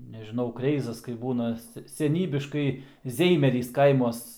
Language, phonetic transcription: Lithuanian, nežiˈnau ˈkreizas kaip ˈbūna ˈse seˈnybiškai ˈzeimerys ˈkaimuos

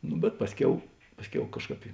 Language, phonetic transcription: Lithuanian, nu bet ˈpasˌkiau ˈpasˌkiau ˈkažˌkāp i

